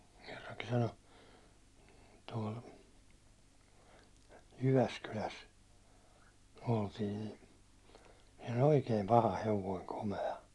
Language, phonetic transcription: Finnish, kerraŋki sano , tuål , 'Jyväskyläs , oltii ni , siiɴ ‿ᴏʟ "oikeem paha 'hevoiŋ 'kome₍a .
- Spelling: kerrankin sanoi tuolla Jyväskylässä oltiin niin siinä oli oikein paha hevonen komea

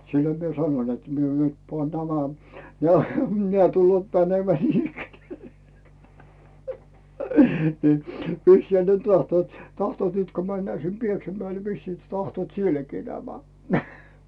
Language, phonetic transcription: Finnish, 'siĺloⁱm mie "sanoⁱn net 'mie nyt pᵒàn 'nämä , 'neä̀ , 'neä̀ tullᵘòt mänemᵉä̀ 'niinikkeneä̀ , nii , 'vissiihä ne 'tahtᵘòt , 'tahtᵘòt nyt ko männää sim 'Pieksämäel vissii tahtᵘòt "sielläkii 'nämä .
- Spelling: silloin minä sanoin että minä nyt panen nämä nämä nämä tulevat menemään niinikään niin vissiinhän ne tahtovat tahtovat nyt kun mennään sinne Pieksämäelle vissiin tahtovat sielläkin nämä

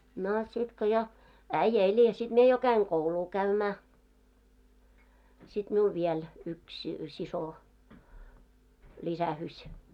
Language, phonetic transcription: Finnish, 'no , 'sit ko jo , "äⁱjjᵃ̈ eĺ ja sit 'mie jo 'käiŋ "kouluu 'käymää , sit miul 'viel , yks , 'siso , 'ĺisähyś .
- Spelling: no sitten kun jo äijä eli ja sitten minä jo kävin koulua käymään sitten minulla vielä yksi sisko lisäysi

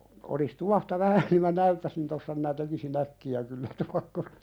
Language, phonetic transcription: Finnish, olis 'tuahta "vähä ni mä "näyttäsin tossa minä tekisi"n ‿äkki₍ä kyllä 'tuakkosᴇ .
- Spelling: olisi tuohta vähän niin minä näyttäisin tuossa minä tekisin äkkiä kyllä tuokkosen

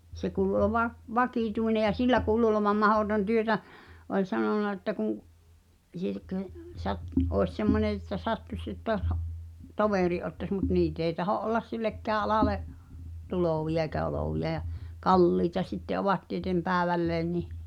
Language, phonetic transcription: Finnish, 'se kuulu oʿˡᵒʾva , "vakìtuine ja "sillä kuulu olovam 'mahòton työtä , oĺ 'sanon̆na että kuŋ , Sirkk(ə) , sat- , òes 'semmone että 'sattuś että (os ha’-) , "tovèri’ ’ottas mut "niit ‿èi taho’ ’ollas 'sillekkää alàle’ , "tulòvi₍a eikä 'olòvi₍a ʲa , "kalliita sitte ovat tietem 'pääᵉvälleen nih ,.
- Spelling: se kuului olevan vakituinen ja sillä kuului olevan mahdoton työtä oli sanonut että kun Sirkka - olisi semmoinen että sattuisi että - - toverin ottaisi mutta niitä ei tahdo olla sillekään alalle tulevia eikä olevia ja kalliita sitten ovat tieten päivälleen niin

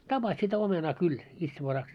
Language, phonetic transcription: Finnish, tapas sitä 'omenaa 'kyl , itsevaraks .
- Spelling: tapasi sitä omenaa kyllä itsevaraksi

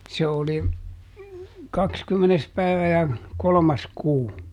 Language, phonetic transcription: Finnish, se oli , ˈkakskymmenes ˈpäivä ja , "kolᵒmas ˈkuu .
- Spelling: se oli kaksikymmenes päivä ja kolmas kuu

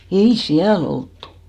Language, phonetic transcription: Finnish, 'ei "siäl ‿olttu .
- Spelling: ei siellä oltu

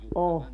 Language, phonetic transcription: Finnish, "ʼo .
- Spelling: on

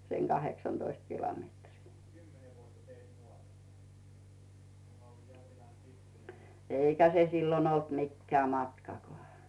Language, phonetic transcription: Finnish, seŋ 'GaheksanDoist 'kilometrii , 'èikä se 'sillon ‿olt mikkeä 'matkakoà .
- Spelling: sen kahdeksantoista kilometriä eikä se silloin ollut mikään matkakaan

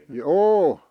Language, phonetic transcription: Finnish, jô .
- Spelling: joo

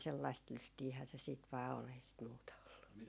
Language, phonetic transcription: Finnish, 'sellaist "lystiihää se siit vaa 'ol ei sit 'muuta ollu .
- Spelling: sellaista lystiähän se sitten vain oli ei sitä muuta ollut

